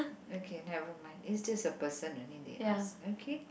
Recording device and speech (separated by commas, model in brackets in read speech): boundary microphone, conversation in the same room